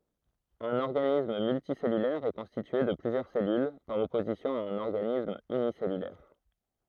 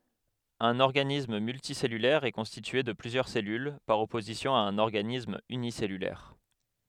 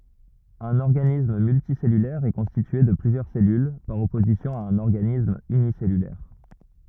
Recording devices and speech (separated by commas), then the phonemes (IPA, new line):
throat microphone, headset microphone, rigid in-ear microphone, read sentence
œ̃n ɔʁɡanism myltisɛlylɛʁ ɛ kɔ̃stitye də plyzjœʁ sɛlyl paʁ ɔpozisjɔ̃ a œ̃n ɔʁɡanism ynisɛlylɛʁ